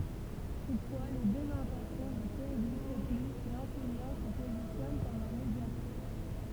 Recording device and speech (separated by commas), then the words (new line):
temple vibration pickup, read sentence
Toutefois, les deux intentions ne coexistent plus si l'enseignant se positionne comme un médiateur.